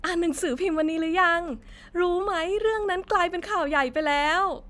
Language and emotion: Thai, happy